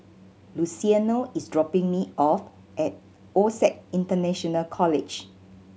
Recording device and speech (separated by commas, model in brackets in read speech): mobile phone (Samsung C7100), read sentence